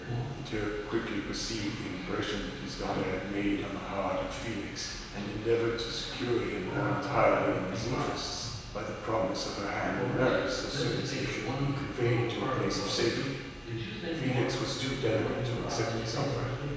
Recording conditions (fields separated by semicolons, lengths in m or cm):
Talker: one person; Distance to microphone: 1.7 m; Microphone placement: close; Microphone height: 1.0 m; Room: very reverberant, large; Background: television